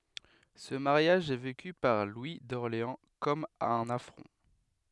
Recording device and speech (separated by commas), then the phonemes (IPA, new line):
headset microphone, read sentence
sə maʁjaʒ ɛ veky paʁ lwi dɔʁleɑ̃ kɔm œ̃n afʁɔ̃